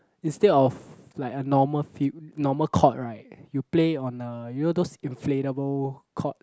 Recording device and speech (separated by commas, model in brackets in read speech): close-talking microphone, conversation in the same room